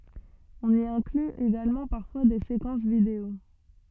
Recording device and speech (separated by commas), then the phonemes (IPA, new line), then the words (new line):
soft in-ear microphone, read sentence
ɔ̃n i ɛ̃kly eɡalmɑ̃ paʁfwa de sekɑ̃s video
On y inclut également parfois des séquences vidéo.